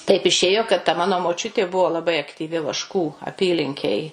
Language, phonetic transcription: Lithuanian, taip iˈšėjo kad ta ˈmano moˈčiutė ˈbuvo laˈbai aktyˈvi ˈvaškų aˈpylinkėj

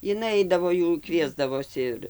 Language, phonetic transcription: Lithuanian, iˈnai ˈaidavo ˈjų ˈkviesdavosi ir

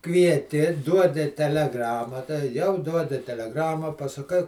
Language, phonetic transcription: Lithuanian, kvieˈti ˈduodi teleˈgrama ta ˈjau ˈduodi teleˈgramą pasaˈkai

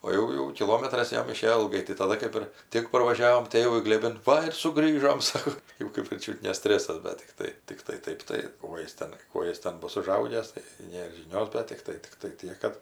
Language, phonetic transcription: Lithuanian, o ˈjau jau kiˈlometras ˈjam iˈšėjo ilˈgai tai taˈda kɜp ˈir ˈtik parvaˈžiavom ˈtėvui glėˈbin ˈva ir suˈgrįžom ˈsako ˈjau kɜp ir ˈčiut ne ˈstresas ˈda tikˈtai tikˈtai ˈtaip tai ˈkuo jis ˈten ˈkuo jis ˈten ˈbus uˈžaugęs tai ˈnėr žiˈnios bet ˈtiktai ˈtiktai ˈtiek kad

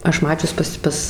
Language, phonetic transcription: Lithuanian, ˈaš ˈmačius pas ˈpas

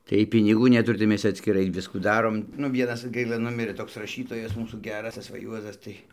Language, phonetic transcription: Lithuanian, tai ˈjiej piniˈgų neˈturi tai ˈmes cia atskiˈrai ˈviskų ˈdarom nu ˈvienas ˈgaila ˈnumirɘ ˈtoks raˈšytojas ˈmūsų ˈgeras ˈtas ˈva ˈjuozas ˈtai

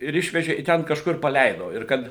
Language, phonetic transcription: Lithuanian, ir ˈišveže i ˈten kažkur paˈleido ir ˈkad

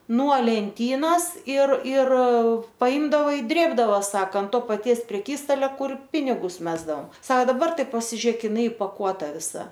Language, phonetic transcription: Lithuanian, nuo lenˈtynos ir ir paˈimdava i ˈdrėbdavo ˈsaka ˈto paˈties preˈkystalia ˈkur ˈpinigus ˈmesdaom ˈsao daˈbar ˈtai pasiˈžiek iˈnai ipaˈkuota viˈsa

